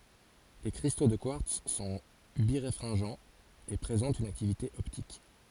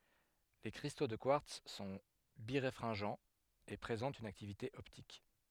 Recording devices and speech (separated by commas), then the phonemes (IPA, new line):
forehead accelerometer, headset microphone, read sentence
le kʁisto də kwaʁts sɔ̃ biʁefʁɛ̃ʒɑ̃z e pʁezɑ̃tt yn aktivite ɔptik